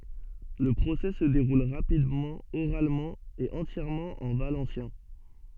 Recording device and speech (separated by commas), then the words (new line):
soft in-ear microphone, read sentence
Le procès se déroule rapidement, oralement et entièrement en valencien.